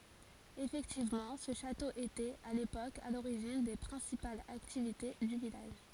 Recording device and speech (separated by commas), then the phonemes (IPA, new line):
forehead accelerometer, read sentence
efɛktivmɑ̃ sə ʃato etɛt a lepok a loʁiʒin de pʁɛ̃sipalz aktivite dy vilaʒ